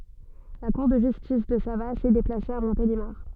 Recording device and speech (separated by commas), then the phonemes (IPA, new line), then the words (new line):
soft in-ear microphone, read sentence
la kuʁ də ʒystis də savas ɛ deplase a mɔ̃telimaʁ
La cour de justice de Savasse est déplacée à Montélimar.